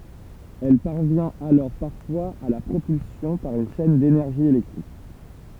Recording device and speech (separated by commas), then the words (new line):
temple vibration pickup, read sentence
Elle parvient alors parfois à la propulsion par une chaine d'énergie électrique.